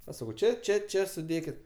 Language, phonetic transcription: Lithuanian, aš ˈsakau ˈčia ˈčia ˈčia suˈdėkit

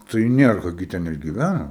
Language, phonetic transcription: Lithuanian, tai ˈnierka gi ˈten ir giˈvæna

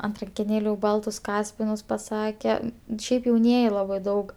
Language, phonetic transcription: Lithuanian, ant rankeˈnėlių ˈbaltus ˈkaspinus paˈsake ˈšiaip jauˈnieji ˈlabai ˈdaug

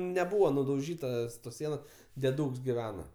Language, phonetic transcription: Lithuanian, neˈbūvo nudauˈžytas tos ˈsienos deˈdūks giˈvena

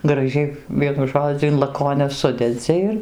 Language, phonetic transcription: Lithuanian, graˈžiai ˈvienu ˈžodziu in laˈkonias ˈsudedzi ir

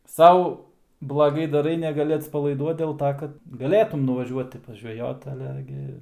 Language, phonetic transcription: Lithuanian, ˈsau blaˈgai daˈrai negaˈli atspalaiˈduot dėl ˈto kad gaˈlėtum nuvaˈžiuoti pažveˈjot aˈle gi

